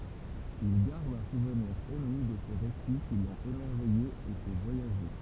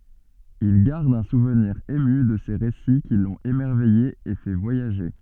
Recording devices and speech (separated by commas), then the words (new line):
temple vibration pickup, soft in-ear microphone, read sentence
Il garde un souvenir ému de ces récits qui l'ont émerveillé et fait voyager.